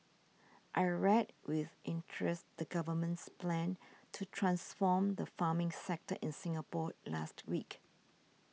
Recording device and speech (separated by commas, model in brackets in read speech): mobile phone (iPhone 6), read sentence